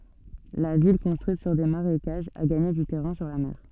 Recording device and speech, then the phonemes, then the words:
soft in-ear microphone, read sentence
la vil kɔ̃stʁyit syʁ de maʁekaʒz a ɡaɲe dy tɛʁɛ̃ syʁ la mɛʁ
La ville, construite sur des marécages, a gagné du terrain sur la mer.

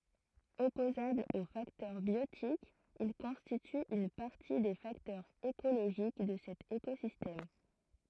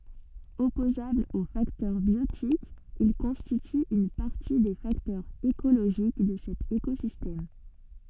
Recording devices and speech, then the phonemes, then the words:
throat microphone, soft in-ear microphone, read sentence
ɔpozablz o faktœʁ bjotikz il kɔ̃stityt yn paʁti de faktœʁz ekoloʒik də sɛt ekozistɛm
Opposables aux facteurs biotiques, ils constituent une partie des facteurs écologiques de cet écosystème.

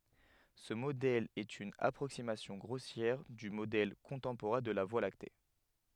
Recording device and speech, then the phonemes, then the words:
headset microphone, read sentence
sə modɛl ɛt yn apʁoksimasjɔ̃ ɡʁosjɛʁ dy modɛl kɔ̃tɑ̃poʁɛ̃ də la vwa lakte
Ce modèle est une approximation grossière du modèle contemporain de la Voie lactée.

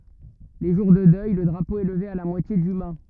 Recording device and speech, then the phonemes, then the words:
rigid in-ear microphone, read sentence
le ʒuʁ də dœj lə dʁapo ɛ ləve a la mwatje dy ma
Les jours de deuil, le drapeau est levé à la moitié du mât.

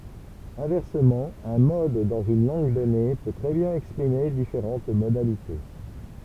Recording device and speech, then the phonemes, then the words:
temple vibration pickup, read sentence
ɛ̃vɛʁsəmɑ̃ œ̃ mɔd dɑ̃z yn lɑ̃ɡ dɔne pø tʁɛ bjɛ̃n ɛkspʁime difeʁɑ̃t modalite
Inversement, un mode dans une langue donnée peut très bien exprimer différentes modalités.

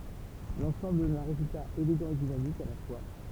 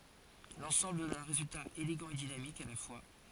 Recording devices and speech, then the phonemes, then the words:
temple vibration pickup, forehead accelerometer, read sentence
lɑ̃sɑ̃bl dɔn œ̃ ʁezylta eleɡɑ̃ e dinamik a la fwa
L'ensemble donne un résultat élégant et dynamique à la fois.

